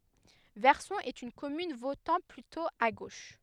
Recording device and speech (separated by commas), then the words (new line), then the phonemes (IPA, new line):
headset microphone, read sentence
Verson est une commune votant plutôt à gauche.
vɛʁsɔ̃ ɛt yn kɔmyn votɑ̃ plytɔ̃ a ɡoʃ